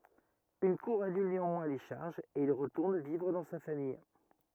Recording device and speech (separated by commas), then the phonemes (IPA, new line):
rigid in-ear microphone, read sentence
yn kuʁ anyl neɑ̃mwɛ̃ le ʃaʁʒz e il ʁətuʁn vivʁ dɑ̃ sa famij